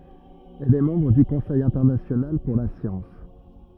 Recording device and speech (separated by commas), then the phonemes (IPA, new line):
rigid in-ear microphone, read sentence
ɛl ɛ mɑ̃bʁ dy kɔ̃sɛj ɛ̃tɛʁnasjonal puʁ la sjɑ̃s